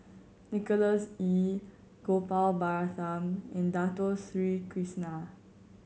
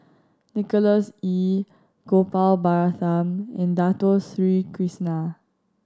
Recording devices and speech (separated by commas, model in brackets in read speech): mobile phone (Samsung C7100), standing microphone (AKG C214), read sentence